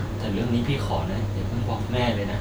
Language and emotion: Thai, sad